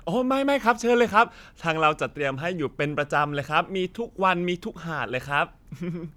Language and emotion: Thai, happy